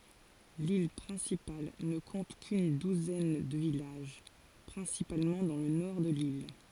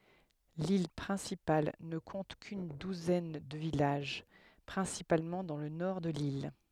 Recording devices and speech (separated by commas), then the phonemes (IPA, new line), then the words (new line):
forehead accelerometer, headset microphone, read sentence
lil pʁɛ̃sipal nə kɔ̃t kyn duzɛn də vilaʒ pʁɛ̃sipalmɑ̃ dɑ̃ lə nɔʁ də lil
L'île principale ne compte qu'une douzaine de villages, principalement dans le nord de l'île.